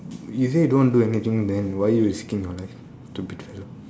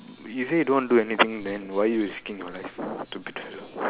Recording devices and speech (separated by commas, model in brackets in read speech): standing microphone, telephone, conversation in separate rooms